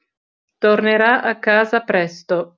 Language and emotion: Italian, neutral